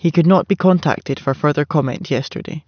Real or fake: real